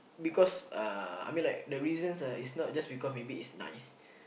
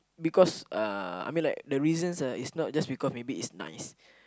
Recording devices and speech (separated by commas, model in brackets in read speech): boundary microphone, close-talking microphone, conversation in the same room